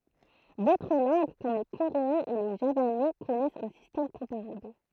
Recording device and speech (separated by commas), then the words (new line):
throat microphone, read sentence
D'autres langues, comme le coréen et le javanais, connaissent un système comparable.